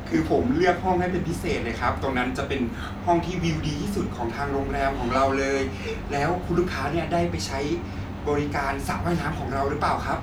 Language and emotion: Thai, happy